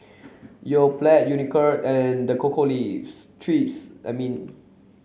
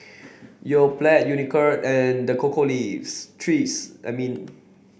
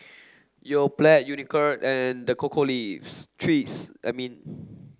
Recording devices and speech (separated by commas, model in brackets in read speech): mobile phone (Samsung C7), boundary microphone (BM630), standing microphone (AKG C214), read sentence